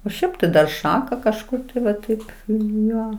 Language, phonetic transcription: Lithuanian, o ˈšiaip tai dar ˈšaka kažˈkur tai va ˈtaip ˈjo

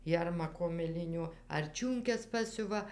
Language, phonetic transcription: Lithuanian, ˈjermako miˈlinio ar ˈčiūnkes ˈpasiuva

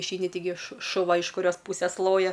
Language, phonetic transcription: Lithuanian, išˈeini tiˈgi šu šuˈva iš kuˈrios ˈpūses ˈloja

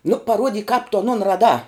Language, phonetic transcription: Lithuanian, nu paˈruodyk kāp tu aˈnon raˈdā

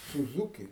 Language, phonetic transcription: Lithuanian, suˈzūki

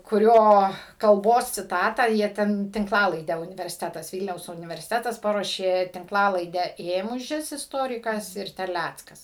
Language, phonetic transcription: Lithuanian, kuˈrio kalˈbos ciˈtatą ˈjie ten tinkˈlalaidę universiˈtetas ˈvylniaus universiˈtetas ˈparuošė tinkˈlalaidę ˈėmužis isˈtorikas ir terˈlæckas

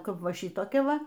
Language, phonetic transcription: Lithuanian, ˈkap ˈva ˈšytokia ˈva

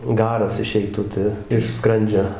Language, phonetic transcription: Lithuanian, ˈgaras iˈšeitu ˈta iš ˈskrandžio

